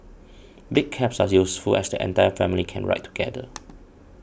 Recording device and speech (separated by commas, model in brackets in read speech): boundary microphone (BM630), read sentence